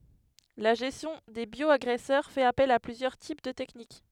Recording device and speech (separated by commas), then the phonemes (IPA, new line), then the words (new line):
headset microphone, read sentence
la ʒɛstjɔ̃ de bjɔaɡʁɛsœʁ fɛt apɛl a plyzjœʁ tip də tɛknik
La gestion des bioagresseurs fait appel à plusieurs types de techniques.